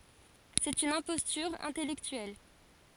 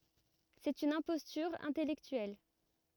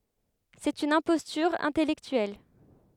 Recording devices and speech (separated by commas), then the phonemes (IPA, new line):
forehead accelerometer, rigid in-ear microphone, headset microphone, read sentence
sɛt yn ɛ̃pɔstyʁ ɛ̃tɛlɛktyɛl